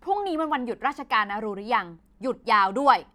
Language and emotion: Thai, angry